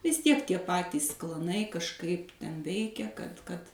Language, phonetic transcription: Lithuanian, vis ˈtiek tie ˈpatys klaˈnai kažˈkaip ˈten ˈveikia kad kad

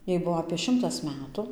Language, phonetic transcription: Lithuanian, ˈjai ˈbuo apė ˈšimtas ˈmetu

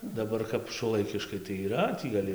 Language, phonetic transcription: Lithuanian, daˈbar kap šuoˈlaikiškai tai yˈra tį gaˈli

